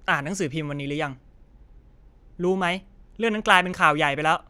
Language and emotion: Thai, frustrated